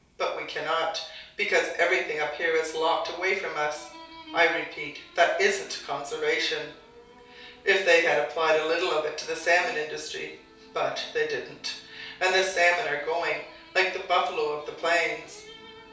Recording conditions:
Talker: one person; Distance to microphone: 3.0 m; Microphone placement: far; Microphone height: 1.8 m; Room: small (3.7 m by 2.7 m); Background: television

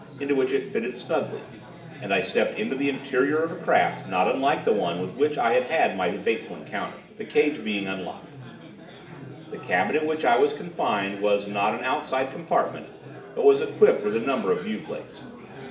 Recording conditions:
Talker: one person; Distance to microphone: 1.8 m; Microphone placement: close; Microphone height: 1.0 m; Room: large; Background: babble

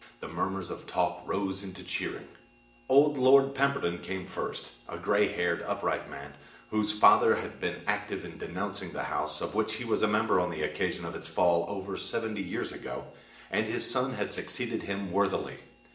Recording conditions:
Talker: one person; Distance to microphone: 1.8 m; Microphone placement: close; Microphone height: 1.0 m; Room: large; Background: none

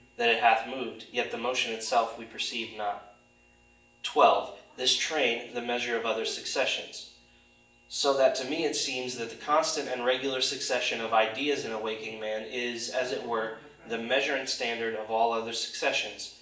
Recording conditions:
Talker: one person; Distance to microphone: 1.8 m; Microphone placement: close; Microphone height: 1.0 m; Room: large; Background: television

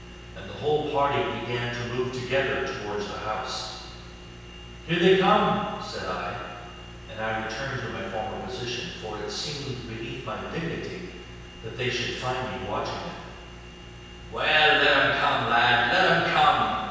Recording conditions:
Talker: one person; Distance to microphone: 7.1 m; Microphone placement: far; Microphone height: 1.7 m; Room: very reverberant, large; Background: none

